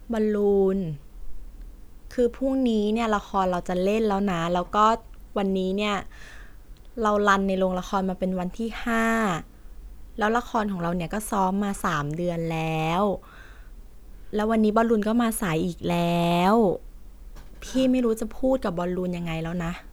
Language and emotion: Thai, frustrated